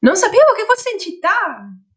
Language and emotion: Italian, happy